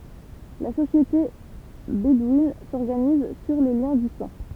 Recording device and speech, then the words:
temple vibration pickup, read sentence
La société bédouine s’organise sur les liens du sang.

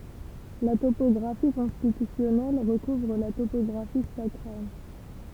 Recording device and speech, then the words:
temple vibration pickup, read sentence
La topographie constitutionnelle recouvre la topographie sacrale.

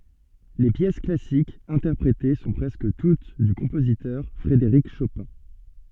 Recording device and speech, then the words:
soft in-ear microphone, read sentence
Les pièces classiques interprétées sont presque toutes du compositeur Frédéric Chopin.

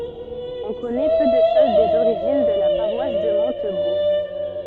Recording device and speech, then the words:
soft in-ear microphone, read sentence
On connaît peu de choses des origines de la paroisse de Montebourg.

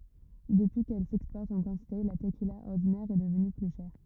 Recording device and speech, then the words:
rigid in-ear microphone, read sentence
Depuis qu'elle s'exporte en quantité, la tequila ordinaire est devenue plus chère.

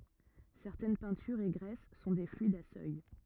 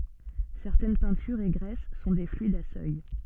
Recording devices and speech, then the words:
rigid in-ear microphone, soft in-ear microphone, read sentence
Certaines peintures et graisses sont des fluides à seuil.

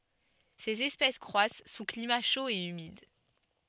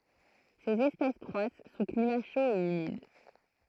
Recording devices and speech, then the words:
soft in-ear microphone, throat microphone, read sentence
Ces espèces croissent sous climat chaud et humide.

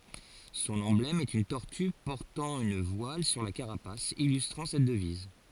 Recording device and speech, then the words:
forehead accelerometer, read sentence
Son emblème est une tortue portant une voile sur la carapace, illustrant cette devise.

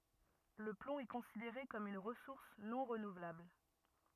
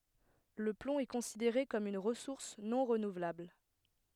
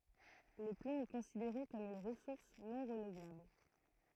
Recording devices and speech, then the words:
rigid in-ear microphone, headset microphone, throat microphone, read sentence
Le plomb est considéré comme une ressource non renouvelable.

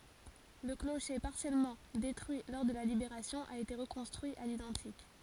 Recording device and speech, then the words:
forehead accelerometer, read sentence
Le clocher, partiellement détruit lors de la Libération, a été reconstruit à l'identique.

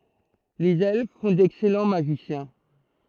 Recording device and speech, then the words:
throat microphone, read sentence
Les Elfes font d'excellents Magiciens.

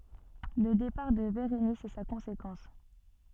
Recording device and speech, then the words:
soft in-ear microphone, read sentence
Le départ de Bérénice est sa conséquence.

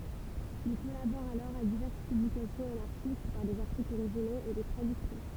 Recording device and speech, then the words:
temple vibration pickup, read sentence
Il collabore alors à diverses publications anarchistes, par des articles originaux et des traductions.

